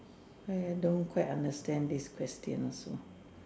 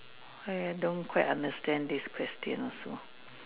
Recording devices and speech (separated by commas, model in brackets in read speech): standing microphone, telephone, conversation in separate rooms